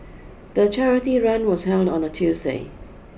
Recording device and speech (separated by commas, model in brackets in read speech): boundary microphone (BM630), read sentence